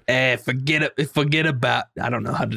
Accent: New York accent